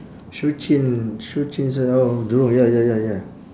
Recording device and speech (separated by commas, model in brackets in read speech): standing microphone, conversation in separate rooms